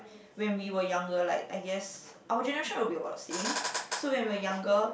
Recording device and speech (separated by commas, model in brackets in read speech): boundary microphone, conversation in the same room